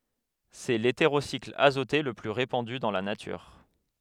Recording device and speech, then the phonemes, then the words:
headset microphone, read sentence
sɛ leteʁosikl azote lə ply ʁepɑ̃dy dɑ̃ la natyʁ
C'est l'hétérocycle azoté le plus répandu dans la nature.

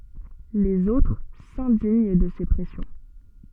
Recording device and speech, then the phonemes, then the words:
soft in-ear microphone, read sentence
lez otʁ sɛ̃diɲ də se pʁɛsjɔ̃
Les autres s'indignent de ces pressions.

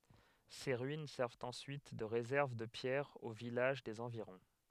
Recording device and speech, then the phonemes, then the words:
headset microphone, read sentence
se ʁyin sɛʁvt ɑ̃syit də ʁezɛʁv də pjɛʁz o vilaʒ dez ɑ̃viʁɔ̃
Ses ruines servent ensuite de réserve de pierres aux villages des environs.

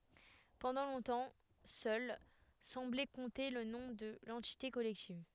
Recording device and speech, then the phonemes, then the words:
headset microphone, read sentence
pɑ̃dɑ̃ lɔ̃tɑ̃ sœl sɑ̃blɛ kɔ̃te lə nɔ̃ də lɑ̃tite kɔlɛktiv
Pendant longtemps seule semblait compter le nom de l'entité collective.

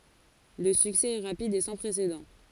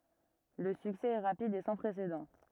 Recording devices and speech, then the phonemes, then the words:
forehead accelerometer, rigid in-ear microphone, read sentence
lə syksɛ ɛ ʁapid e sɑ̃ pʁesedɑ̃
Le succès est rapide et sans précédent.

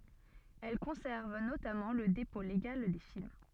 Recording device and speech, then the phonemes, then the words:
soft in-ear microphone, read sentence
ɛl kɔ̃sɛʁv notamɑ̃ lə depɔ̃ leɡal de film
Elle conserve notamment le dépôt légal des films.

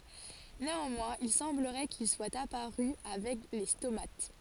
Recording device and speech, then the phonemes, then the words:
forehead accelerometer, read sentence
neɑ̃mwɛ̃z il sɑ̃bləʁɛ kil swat apaʁy avɛk le stomat
Néanmoins, il semblerait qu'ils soient apparus avec les stomates.

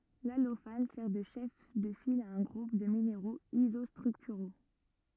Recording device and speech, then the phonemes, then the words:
rigid in-ear microphone, read sentence
lalofan sɛʁ də ʃɛf də fil a œ̃ ɡʁup də mineʁoz izɔstʁyktyʁo
L’allophane sert de chef de file à un groupe de minéraux isostructuraux.

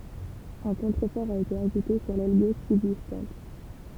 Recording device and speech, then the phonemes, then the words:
temple vibration pickup, read sentence
œ̃ kɔ̃tʁəfɔʁ a ete aʒute syʁ lɛl ɡoʃ sybzistɑ̃t
Un contrefort a été ajouté sur l'aile gauche subsistante.

